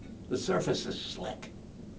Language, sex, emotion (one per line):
English
male
neutral